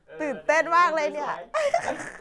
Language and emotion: Thai, happy